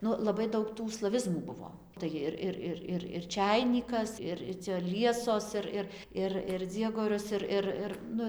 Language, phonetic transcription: Lithuanian, ˈnu laˈbai ˈdaug tų slaˈvizmų ˈbuvo ˈtai jir ˈir ˈir ˈir ir ˈčæinykas ˈir ir cia ˈliesos ˈir ir ˈir ir ˈdziegorius ˈir ˈir ˈir ˈnu

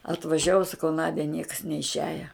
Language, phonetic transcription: Lithuanian, atvaˈžiavu saˈkau ˈnadia nieks neišˈiaja

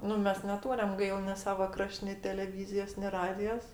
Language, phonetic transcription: Lithuanian, ˈnu ˈmes neˈtūriam ˈgail mes ˈsava ˈkraš't' ni teleˈvyzijos ni ˈradijos

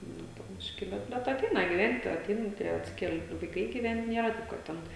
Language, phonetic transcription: Lithuanian, ˈnu po ˈbiški ˈbet bet aˈteina giˈvent' aˈtein ˈtie atˈsikel' vaiˈkai giˈvent ˈnėra ˈtaip kad ˈten

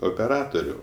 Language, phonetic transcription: Lithuanian, opeˈratoriu

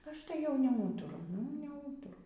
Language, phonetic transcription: Lithuanian, ˈaš tai jau neˈūturu nu y neˈūturu

